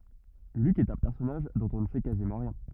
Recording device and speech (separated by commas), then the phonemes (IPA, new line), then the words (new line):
rigid in-ear microphone, read sentence
lyk ɛt œ̃ pɛʁsɔnaʒ dɔ̃t ɔ̃ nə sɛ kazimɑ̃ ʁjɛ̃
Luc est un personnage dont on ne sait quasiment rien.